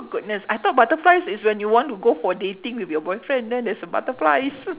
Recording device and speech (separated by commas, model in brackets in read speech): telephone, conversation in separate rooms